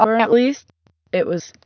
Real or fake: fake